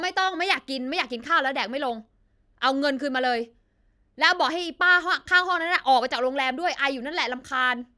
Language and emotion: Thai, angry